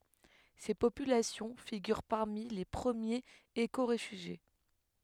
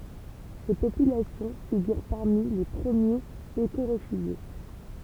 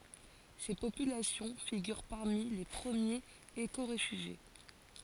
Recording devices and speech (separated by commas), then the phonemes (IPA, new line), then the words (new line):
headset microphone, temple vibration pickup, forehead accelerometer, read sentence
se popylasjɔ̃ fiɡyʁ paʁmi le pʁəmjez ekoʁefyʒje
Ces populations figurent parmi les premiers écoréfugiés.